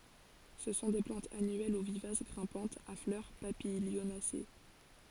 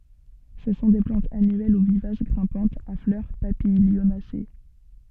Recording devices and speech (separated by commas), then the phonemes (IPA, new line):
forehead accelerometer, soft in-ear microphone, read sentence
sə sɔ̃ de plɑ̃tz anyɛl u vivas ɡʁɛ̃pɑ̃tz a flœʁ papiljonase